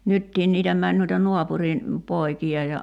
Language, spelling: Finnish, nytkin niitä meni noita naapurin poikia ja
- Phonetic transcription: "nyttiin niitä 'män nuita 'nuapurin , 'poiki₍a ja ,.

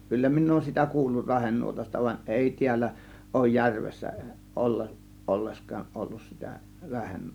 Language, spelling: Finnish, kyllä minä olen sitä kuullut rahenuotasta vaan ei täällä ole järvessä - ollenkaan ollut sitä -
- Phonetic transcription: 'kyllä 'min̆n ‿ooᵘn sitä 'kuullur 'rahennuotasta van͕ 'ˀèi tiällä , òŭj "järvessä , olle- , 'ˀollesk̀aaˀ ˀollus sitä 'rahennu- .

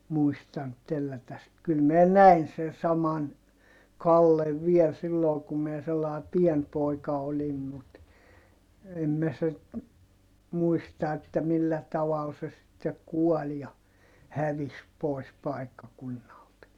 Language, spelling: Finnish, muistanut tellätä sitten kyllä minä näin sen saman Kallen vielä silloin kun minä sellainen pieni poika olin mutta en minä sitten muista että millä tavalla se sitten kuoli ja hävisi pois paikkakunnalta
- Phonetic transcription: muistant tellätäs sit - kyl minä näin sen saman , Kallev viɛl silloo kum miɛ sellae pien pòika olim mut , em mä sit , muista että millä taval se sittek̆ kuɔl ja , hävis pòis pàikkakunnalt .

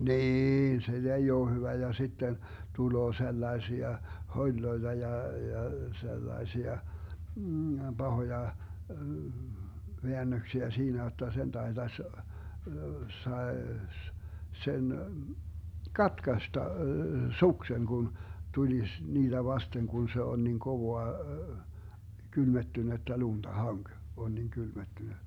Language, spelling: Finnish, niin se ei ole hyvä ja sitten tulee sellaisia holeja ja ja sellaisia pahoja väännöksiä siinä jotta sen taitaisi saisi sen katkaista suksen kun tulisi niitä vasten kun se on niin kovaa kylmettynyttä lunta hanki kun on niin kylmettynyt
- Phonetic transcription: "niin , se 'ei oo hyvä ja 'sitten , 'tuloo 'sellaesia , 'hoĺloeta ja , ja , 'sellaesia , 'Bahoja , 'veännöksiä 'siinä jotta sen 'taetas , 'saes , 'sen , "katkasta , "sukseŋ kun , 'tulis 'niiDä "vasteŋ kun se 'on niŋ 'kovoa , 'kylmettynettä 'lunta "haŋk , Gu 'on niiŋ 'kylmettyn(y) .

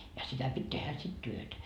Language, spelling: Finnish, ja sitä piti tehdä sitten työtä
- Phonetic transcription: ja sitä pit́ 'tehä sit "työtä .

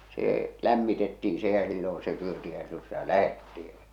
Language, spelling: Finnish, se lämmitettiin se ja silloin se syötiin ja silloin sitä lähdettiin ja
- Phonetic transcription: see , 'lämmitettii se ja silloo̰ se 'syöti ja silloo̰ sitä "lähetti ᴊᴀ .

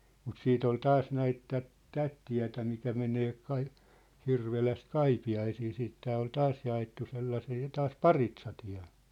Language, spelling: Finnish, mutta sitten oli taas näitä tätä tätä tietä mikä menee - Hirvelästä Kaipiaisiin siitä tämä oli taas jaettu sellaisia taas paritsatie
- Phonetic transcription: mut 'siit ‿ol 'taas näit tät , 'tät tiä̭tä mikä menee kai- , 'Hirveläst "Kaipi₍aisii siit tää ol "taas ja₍ettu 'sellasii , 'taas "paritsatiä̭ .

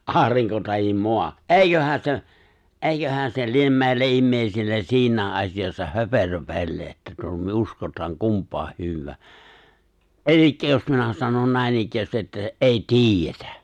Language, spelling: Finnish, aurinko tai maa eiköhän se eiköhän se lie meille ihmisille siinä asiassa höperöpeli että - me uskotaan kumpaa hyvänsä eli jos minä sanon näinikään että ei tiedetä
- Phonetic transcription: ’aariŋko tahim "moa , "’eiköhä se , "’èiköhä se 'liem 'mèille '’immèisille 'siiǹäe’ ’as̀iʲassa "höperöpeĺ että tuo- myö 'uskot̀aaŋ 'kump̀aah 'hyv̆vää , "’eĺikkä jos 'minä 'sanon "nä̀enikkäästi ’että "’ei "ti̬ijjetᴀ̈ .

